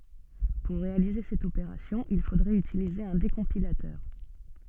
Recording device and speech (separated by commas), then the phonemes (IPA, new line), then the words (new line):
soft in-ear microphone, read sentence
puʁ ʁealize sɛt opeʁasjɔ̃ il fodʁɛt ytilize œ̃ dekɔ̃pilatœʁ
Pour réaliser cette opération, il faudrait utiliser un décompilateur.